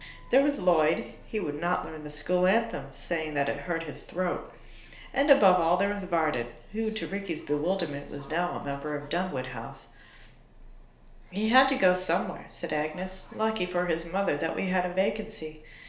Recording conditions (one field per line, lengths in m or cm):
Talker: one person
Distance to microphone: 1.0 m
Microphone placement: close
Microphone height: 1.1 m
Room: small (3.7 m by 2.7 m)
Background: television